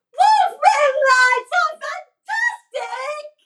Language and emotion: English, surprised